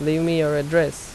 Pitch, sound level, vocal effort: 155 Hz, 83 dB SPL, normal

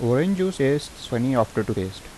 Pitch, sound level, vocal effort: 120 Hz, 83 dB SPL, normal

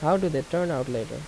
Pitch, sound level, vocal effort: 150 Hz, 81 dB SPL, normal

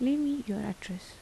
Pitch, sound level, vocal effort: 210 Hz, 78 dB SPL, soft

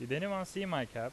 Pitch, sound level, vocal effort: 145 Hz, 89 dB SPL, loud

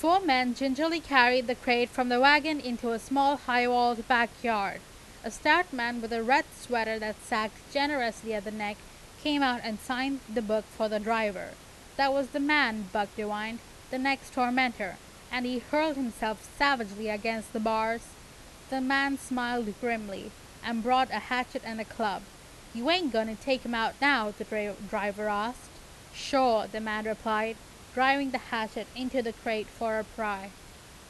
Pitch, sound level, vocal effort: 235 Hz, 90 dB SPL, very loud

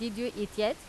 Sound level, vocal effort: 89 dB SPL, loud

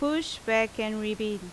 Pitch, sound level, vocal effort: 220 Hz, 86 dB SPL, very loud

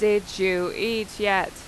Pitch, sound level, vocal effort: 200 Hz, 89 dB SPL, loud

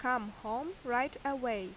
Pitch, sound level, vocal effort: 245 Hz, 86 dB SPL, loud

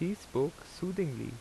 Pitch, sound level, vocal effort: 180 Hz, 83 dB SPL, normal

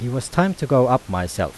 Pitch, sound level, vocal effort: 125 Hz, 86 dB SPL, normal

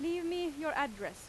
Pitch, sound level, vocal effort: 315 Hz, 93 dB SPL, very loud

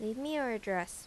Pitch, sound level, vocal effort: 220 Hz, 84 dB SPL, normal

